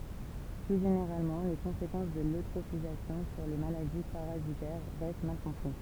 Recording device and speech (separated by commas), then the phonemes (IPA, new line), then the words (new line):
temple vibration pickup, read sentence
ply ʒeneʁalmɑ̃ le kɔ̃sekɑ̃s də løtʁofizasjɔ̃ syʁ le maladi paʁazitɛʁ ʁɛst mal kɔ̃pʁi
Plus généralement, les conséquences de l'eutrophisation sur les maladies parasitaires restent mal compris.